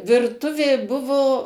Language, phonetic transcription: Lithuanian, virˈtuvė ˈbuvo

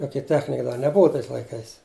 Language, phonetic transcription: Lithuanian, ˈjokia ˈtechnika da neˈbuva tais laiˈkais

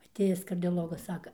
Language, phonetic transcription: Lithuanian, aˈtėjis kardioˈlogas ˈsaka

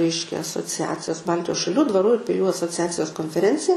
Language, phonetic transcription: Lithuanian, ˈreiškia asoˈciacijos ˈbaltijos šaˈlių dvaˈrų ir piˈlių asoˈciacijos konfeˈrencija

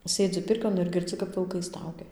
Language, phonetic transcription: Lithuanian, ˈsėdzi ˈpirkion ir girˈdzi kap vilˈkai ˈstaugia

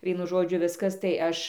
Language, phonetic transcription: Lithuanian, ˈvienu ˈžodžiu ˈviskas tai ˈaš

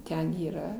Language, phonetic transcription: Lithuanian, ˈten yˈra

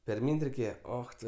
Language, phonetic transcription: Lithuanian, perˈmyn't' reiˈkėje ˈoch tu

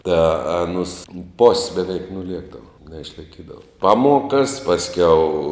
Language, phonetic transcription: Lithuanian, tā aˈnus pos' beˈveik nuˈliekdavo neišlaiˈkydavo ˈpaˌmuokas pasˈkiau

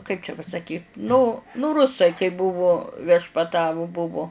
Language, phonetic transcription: Lithuanian, kaip čia pasaˈkyt nu nu ˈrusai kai ˈbuvu viešpaˈtavu ˈbuvo

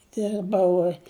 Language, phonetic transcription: Lithuanian, ˈdirbau

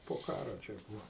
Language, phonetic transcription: Lithuanian, po ˈkaro ˈčia ˈbūa

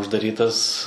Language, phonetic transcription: Lithuanian, uždaˈrytas

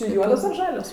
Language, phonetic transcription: Lithuanian, čia ˈjuodos ar ˈžalios

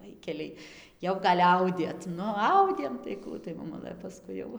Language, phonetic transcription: Lithuanian, ˈvaikeliai ˈjau gal' ˈaudėt ˈnu ˈaudėm tai ˈkų tai moˈmulɘ paˈskui jau

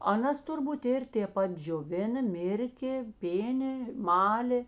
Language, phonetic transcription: Lithuanian, aˈnas turˈbūt ˈir tė ˈpat džioˈvina ˈmirkė ˈpėnė ˈmalė

